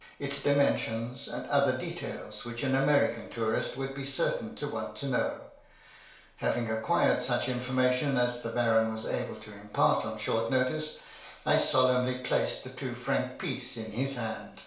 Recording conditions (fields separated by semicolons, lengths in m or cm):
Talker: one person; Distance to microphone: 1.0 m; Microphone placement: close; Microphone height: 1.1 m; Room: small (3.7 m by 2.7 m); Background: none